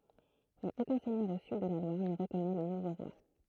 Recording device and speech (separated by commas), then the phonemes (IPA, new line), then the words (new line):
throat microphone, read sentence
mɛz okœ̃ sɛɲœʁ o syd də la lwaʁ nə ʁəkɔnɛ lə nuvo ʁwa
Mais aucun seigneur au sud de la Loire ne reconnaît le nouveau roi.